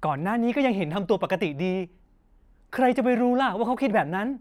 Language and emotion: Thai, happy